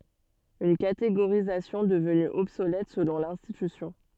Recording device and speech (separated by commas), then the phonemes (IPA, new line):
soft in-ear microphone, read sentence
yn kateɡoʁizasjɔ̃ dəvny ɔbsolɛt səlɔ̃ lɛ̃stitysjɔ̃